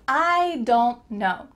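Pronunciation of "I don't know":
'I don't know' is said in its clearest form here, not run together into something like 'dunno'.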